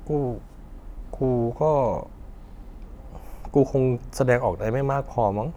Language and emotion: Thai, frustrated